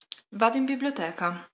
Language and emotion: Italian, neutral